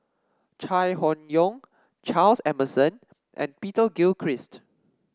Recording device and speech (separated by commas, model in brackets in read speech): standing microphone (AKG C214), read sentence